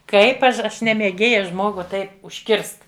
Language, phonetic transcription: Lithuanian, ˈkaip ˈaš ˈaš ne mėˈgėja ˈžmogu ˈtaip užˈkirst

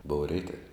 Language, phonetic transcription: Lithuanian, bouv ˈreitav'

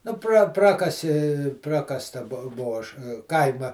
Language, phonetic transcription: Lithuanian, nu pra ˈprakasi ˈprakasta ˈbuo ˈbuo ˈaš ˈkaima

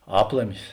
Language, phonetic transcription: Lithuanian, ˈaplamis

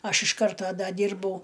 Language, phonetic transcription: Lithuanian, ˈaš iš ˈkarto ˈda ˈdyrbau

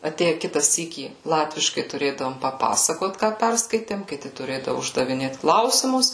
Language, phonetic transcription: Lithuanian, aˈtėje ˈkita ˈsykį ˈlatviškai tuˈrėdavom paˈpasakot ˈką ˈperskaitėm kiˈti tuˈrėdavu uždaviˈnėt ˈklausimus

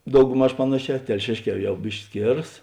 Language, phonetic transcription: Lithuanian, daugˈmaž ˈpanaˌšē telˈšėšˌkē ˈjau ˈbiški ˈskėras

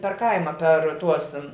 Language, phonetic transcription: Lithuanian, per ˈkaima per ˈtuos

